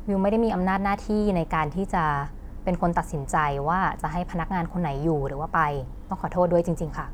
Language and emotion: Thai, neutral